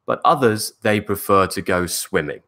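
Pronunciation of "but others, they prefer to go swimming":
This sentence has a falling tone: the voice goes back down at the end, on 'swimming', to show the speaker has finished.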